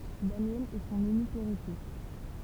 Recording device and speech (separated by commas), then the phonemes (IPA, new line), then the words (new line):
temple vibration pickup, read sentence
danjɛl ɛ sɔ̃n ynik eʁitje
Daniel est son unique héritier.